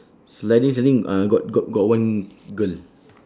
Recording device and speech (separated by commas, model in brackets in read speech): standing microphone, conversation in separate rooms